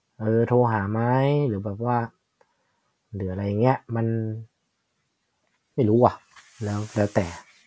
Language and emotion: Thai, frustrated